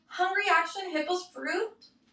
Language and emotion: English, sad